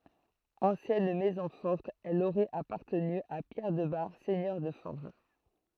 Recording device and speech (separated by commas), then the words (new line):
throat microphone, read sentence
Ancienne maison forte, elle aurait appartenu à Pierre de Bar, seigneur de Forges.